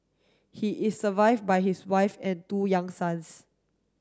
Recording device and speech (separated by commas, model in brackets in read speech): standing microphone (AKG C214), read sentence